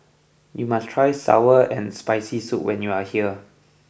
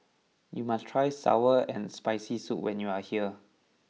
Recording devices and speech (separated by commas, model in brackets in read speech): boundary microphone (BM630), mobile phone (iPhone 6), read sentence